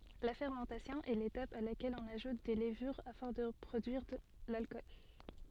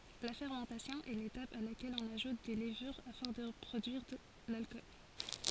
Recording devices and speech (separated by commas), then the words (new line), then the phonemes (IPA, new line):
soft in-ear microphone, forehead accelerometer, read sentence
La fermentation est l'étape à laquelle on ajoute des levures afin de produire l'alcool.
la fɛʁmɑ̃tasjɔ̃ ɛ letap a lakɛl ɔ̃n aʒut de ləvyʁ afɛ̃ də pʁodyiʁ lalkɔl